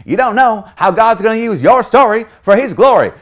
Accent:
southern accent